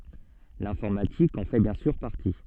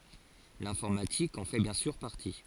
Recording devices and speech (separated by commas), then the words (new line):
soft in-ear microphone, forehead accelerometer, read sentence
L'informatique en fait bien sûr partie.